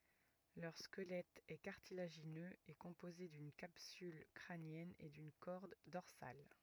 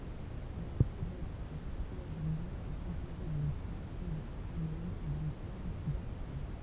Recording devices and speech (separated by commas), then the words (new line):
rigid in-ear microphone, temple vibration pickup, read sentence
Leur squelette est cartilagineux et composé d'une capsule crânienne et d'une corde dorsale.